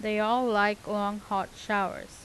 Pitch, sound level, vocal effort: 210 Hz, 88 dB SPL, normal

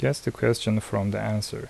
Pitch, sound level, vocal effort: 110 Hz, 74 dB SPL, soft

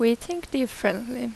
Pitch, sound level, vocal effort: 250 Hz, 83 dB SPL, normal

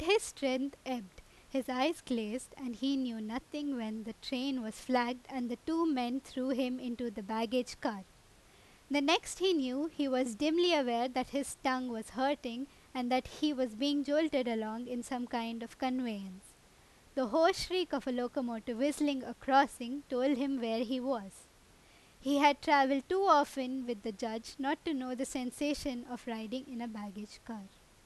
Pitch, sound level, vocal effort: 260 Hz, 90 dB SPL, loud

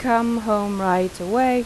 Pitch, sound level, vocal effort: 215 Hz, 88 dB SPL, normal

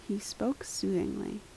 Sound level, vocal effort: 72 dB SPL, soft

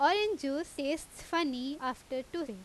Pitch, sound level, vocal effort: 285 Hz, 89 dB SPL, very loud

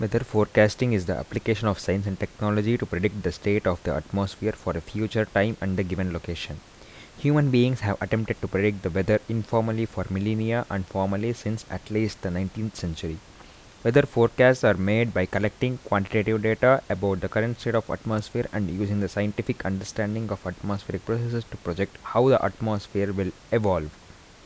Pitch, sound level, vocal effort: 105 Hz, 80 dB SPL, soft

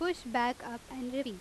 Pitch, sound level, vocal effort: 250 Hz, 87 dB SPL, loud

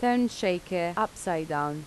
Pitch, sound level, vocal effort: 180 Hz, 83 dB SPL, normal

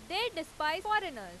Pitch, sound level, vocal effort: 320 Hz, 96 dB SPL, very loud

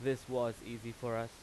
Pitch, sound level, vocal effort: 115 Hz, 90 dB SPL, loud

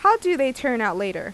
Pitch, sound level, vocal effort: 265 Hz, 90 dB SPL, loud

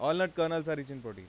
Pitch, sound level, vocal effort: 155 Hz, 94 dB SPL, loud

